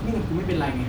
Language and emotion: Thai, frustrated